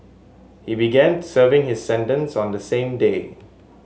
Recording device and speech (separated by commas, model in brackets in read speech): mobile phone (Samsung S8), read sentence